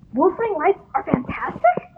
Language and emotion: English, disgusted